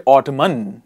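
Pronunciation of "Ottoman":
'Autumn' is pronounced incorrectly here: the final n is sounded when it should be silent.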